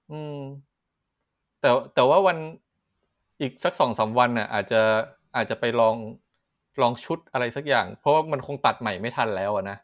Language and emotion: Thai, frustrated